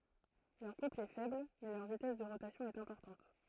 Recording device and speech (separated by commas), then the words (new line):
throat microphone, read sentence
Leur couple est faible, mais leur vitesse de rotation est importante.